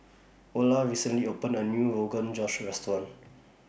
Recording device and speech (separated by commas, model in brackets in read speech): boundary microphone (BM630), read sentence